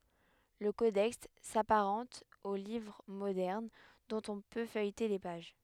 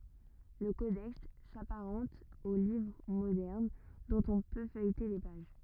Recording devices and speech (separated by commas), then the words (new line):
headset microphone, rigid in-ear microphone, read sentence
Le codex s'apparente aux livres modernes, dont on peut feuilleter les pages.